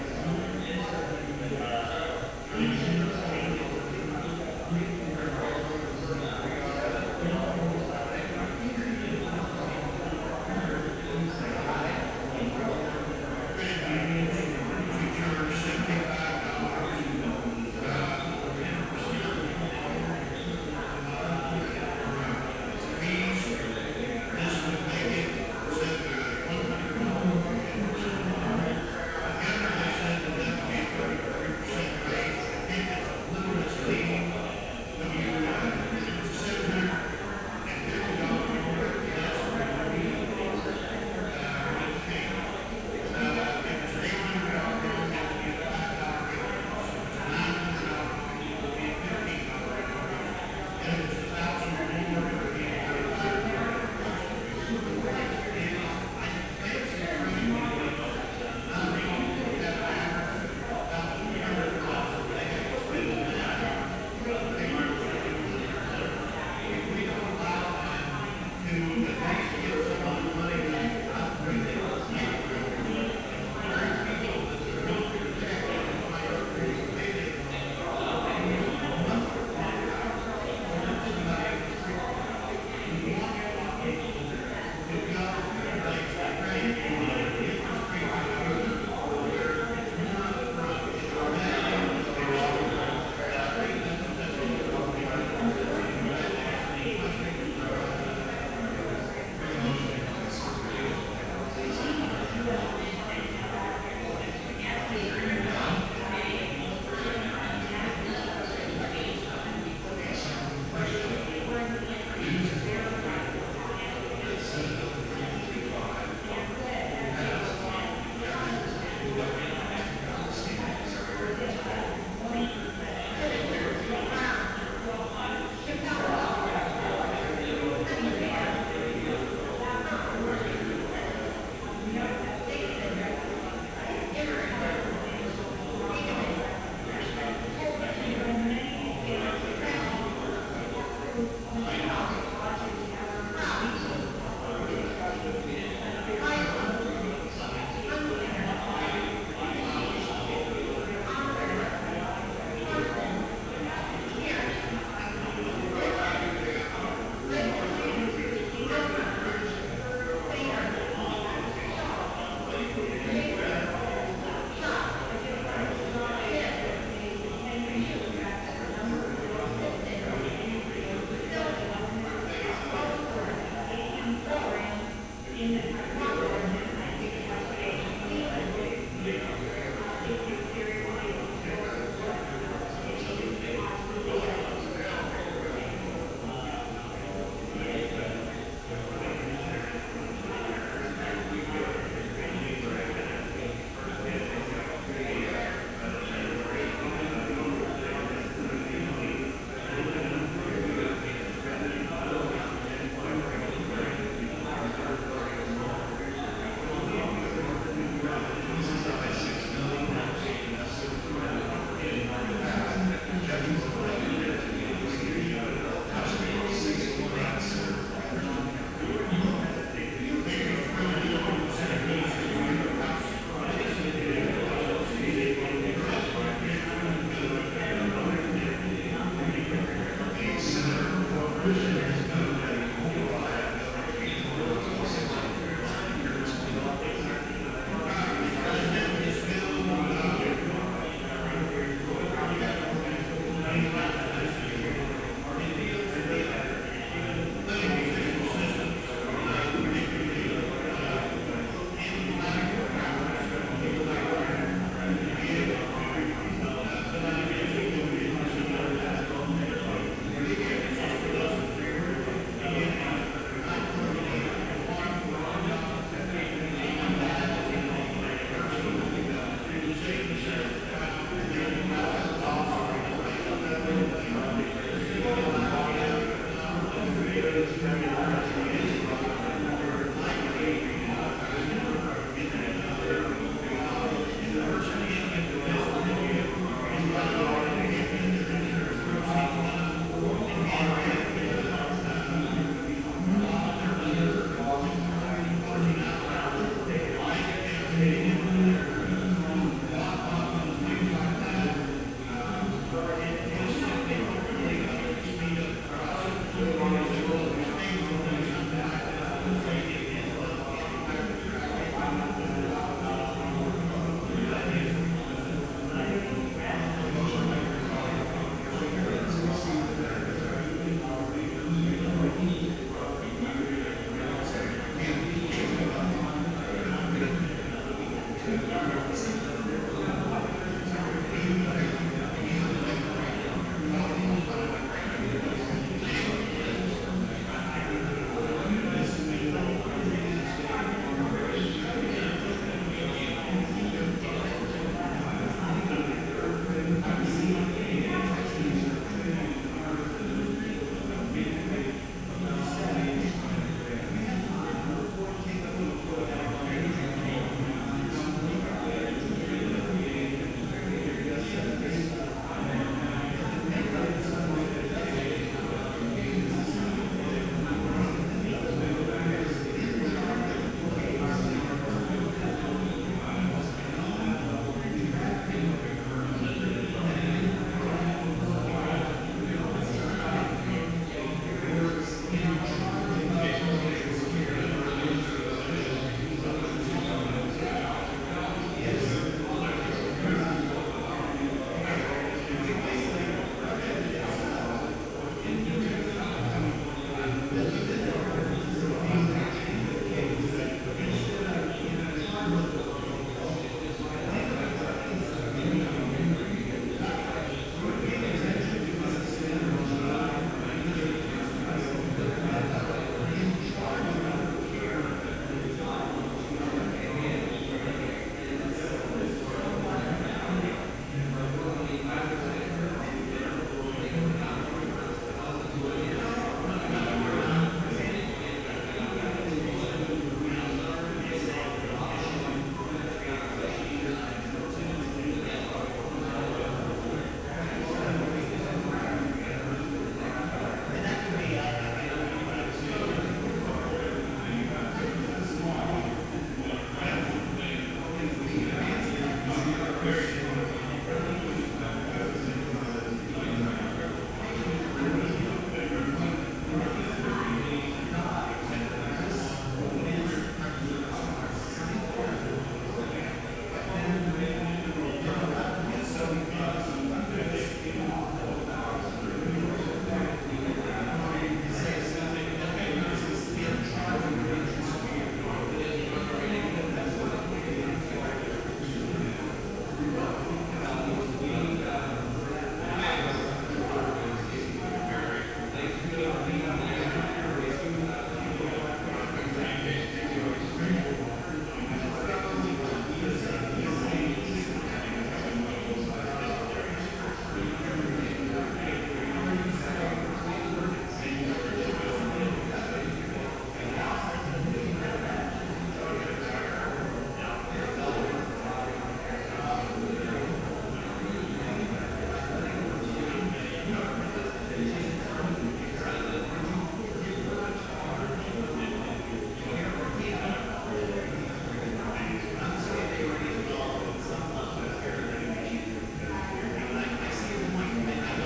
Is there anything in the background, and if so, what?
Crowd babble.